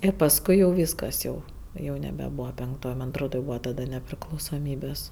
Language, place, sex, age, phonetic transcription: Lithuanian, Aukštaitija, female, 18-60, ˈir pasˈkui jau ˈvyskas jau jau nebeˈbūva penkˈtoj ˈman atˈrod jau ˈbūva taˈda nepriklausoˈmybės

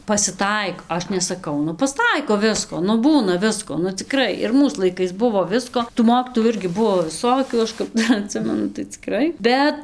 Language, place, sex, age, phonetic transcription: Lithuanian, Dzūkija, female, 18-60, pasiˈtaik ˈaš nesaˈkau ˈnu pasˈtaiko ˈvisko nu ˈbūna ˈvisko nu ciˈkrai ir ˈmūs laiˈkais ˈbuvo ˈvisko tų ˈmokytojų ˈirgi ˈbuo viˈsokių ˈaš kap ˈdar aˈtsimenu tai ciˈkrai ˈbet

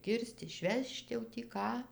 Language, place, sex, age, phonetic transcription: Lithuanian, Dzūkija, female, 60+, ˈkirst išˈvežt jau tį ˈką

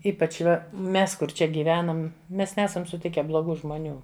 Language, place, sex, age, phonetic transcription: Lithuanian, Žemaitija, female, 60+, ˈypač ˈva ˈmes ˈkur ˈčia gyˈvenam ˈmes ˈnesam suˈtike bloˈgų žmoˈnių

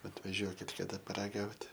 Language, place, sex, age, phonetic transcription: Lithuanian, Aukštaitija, male, 18-60, atvaˈžiuokit kaˈda paraˈgaut'

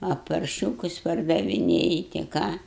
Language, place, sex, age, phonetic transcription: Lithuanian, Aukštaitija, female, 60+, a parˈšiūkus pardaviˈnėji ti ˈką

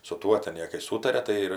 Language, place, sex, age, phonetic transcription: Lithuanian, Aukštaitija, female, 60+, su ˈtuo ten ˈjė kai ˈsūtaria tai ˈir

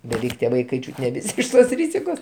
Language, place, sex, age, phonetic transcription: Lithuanian, Aukštaitija, male, 60+, beˈveik tie ˈvaikai ˈčiūt' ne ˈvisi ˈiš tos ˈryzikos

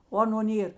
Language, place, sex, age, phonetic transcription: Lithuanian, Žemaitija, female, 60+, o ˈaˌno ˈnėr

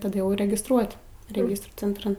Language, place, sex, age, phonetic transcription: Lithuanian, Aukštaitija, female, 18-60, taˈda jau regisˈtruot' reˈgistrų centˈran

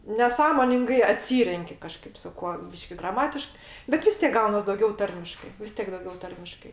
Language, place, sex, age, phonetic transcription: Lithuanian, Aukštaitija, female, 60+, neˈsąmoningai aˈtsyrenki kaˈžkaip su ˈkuo ˈbyški graˈmatišk bet ˈvis tėk ˈgaunas dauˈgiau ˈtarmiškai vis ˈtiek dauˈgiau ˈtarmiškai

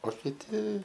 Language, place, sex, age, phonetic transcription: Lithuanian, Aukštaitija, male, 18-60, o kiˈti

